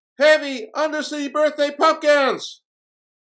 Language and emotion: English, neutral